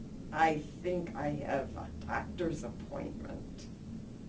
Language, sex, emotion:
English
female
neutral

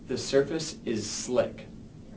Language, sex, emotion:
English
male
neutral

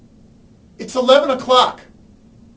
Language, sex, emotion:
English
male
angry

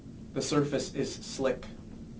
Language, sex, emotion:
English
male
neutral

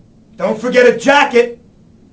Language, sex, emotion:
English
male
angry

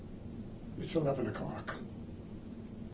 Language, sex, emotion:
English
male
sad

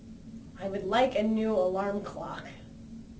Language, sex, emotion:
English
female
disgusted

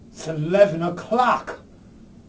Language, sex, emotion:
English
male
angry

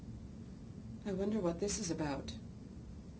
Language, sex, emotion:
English
female
fearful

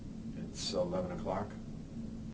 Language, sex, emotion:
English
male
neutral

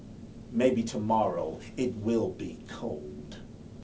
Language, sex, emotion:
English
male
disgusted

